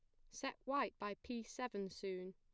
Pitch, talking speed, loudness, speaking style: 205 Hz, 180 wpm, -45 LUFS, plain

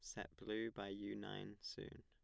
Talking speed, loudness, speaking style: 195 wpm, -49 LUFS, plain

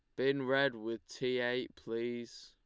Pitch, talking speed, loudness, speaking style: 120 Hz, 160 wpm, -36 LUFS, Lombard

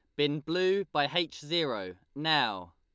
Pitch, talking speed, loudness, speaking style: 150 Hz, 140 wpm, -30 LUFS, Lombard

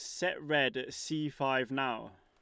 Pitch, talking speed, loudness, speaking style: 135 Hz, 180 wpm, -33 LUFS, Lombard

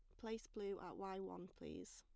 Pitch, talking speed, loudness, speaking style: 195 Hz, 205 wpm, -51 LUFS, plain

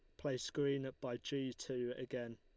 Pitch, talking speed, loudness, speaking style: 130 Hz, 165 wpm, -42 LUFS, Lombard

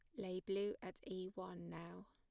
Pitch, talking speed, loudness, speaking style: 185 Hz, 190 wpm, -47 LUFS, plain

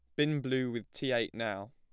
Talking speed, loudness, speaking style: 235 wpm, -34 LUFS, plain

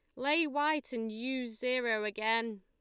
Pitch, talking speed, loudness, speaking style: 245 Hz, 150 wpm, -32 LUFS, Lombard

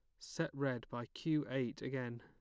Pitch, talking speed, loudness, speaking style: 130 Hz, 180 wpm, -41 LUFS, plain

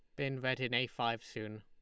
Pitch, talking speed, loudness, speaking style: 120 Hz, 255 wpm, -37 LUFS, Lombard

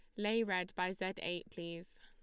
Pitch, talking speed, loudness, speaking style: 185 Hz, 200 wpm, -39 LUFS, Lombard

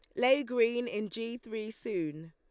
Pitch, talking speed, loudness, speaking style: 230 Hz, 170 wpm, -32 LUFS, Lombard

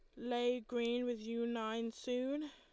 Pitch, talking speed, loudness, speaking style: 240 Hz, 155 wpm, -39 LUFS, Lombard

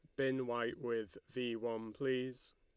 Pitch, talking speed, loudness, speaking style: 125 Hz, 155 wpm, -40 LUFS, Lombard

